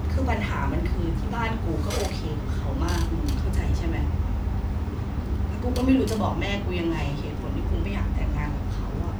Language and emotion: Thai, frustrated